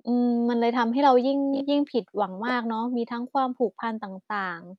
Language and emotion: Thai, neutral